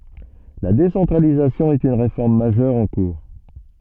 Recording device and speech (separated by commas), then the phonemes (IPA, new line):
soft in-ear microphone, read sentence
la desɑ̃tʁalizasjɔ̃ ɛt yn ʁefɔʁm maʒœʁ ɑ̃ kuʁ